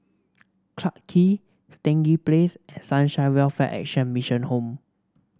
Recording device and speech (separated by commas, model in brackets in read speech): standing microphone (AKG C214), read sentence